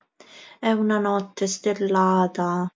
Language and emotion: Italian, sad